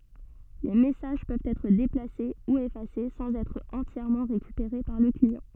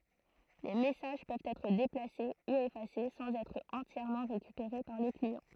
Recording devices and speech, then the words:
soft in-ear microphone, throat microphone, read sentence
Les messages peuvent être déplacés ou effacés sans être entièrement récupérés par le client.

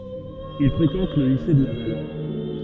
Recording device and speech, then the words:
soft in-ear microphone, read sentence
Il fréquente le lycée de Laval.

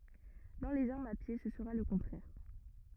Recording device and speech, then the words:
rigid in-ear microphone, read sentence
Dans les armes à pied, ce sera le contraire.

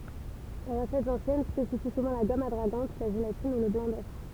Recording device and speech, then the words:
temple vibration pickup, read sentence
Les recettes anciennes spécifient souvent la gomme adragante, la gélatine, ou le blanc d'œuf.

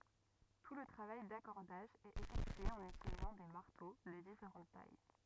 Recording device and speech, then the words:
rigid in-ear microphone, read sentence
Tout le travail d'accordage est effectué en utilisant des marteaux de différentes tailles.

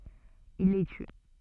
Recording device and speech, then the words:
soft in-ear microphone, read sentence
Il les tue.

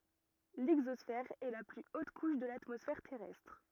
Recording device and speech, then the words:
rigid in-ear microphone, read sentence
L'exosphère est la plus haute couche de l'atmosphère terrestre.

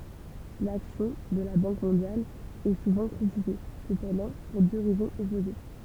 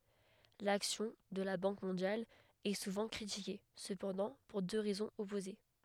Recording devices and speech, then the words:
temple vibration pickup, headset microphone, read sentence
L'action de la Banque mondiale est souvent critiquée, cependant pour deux raisons opposées.

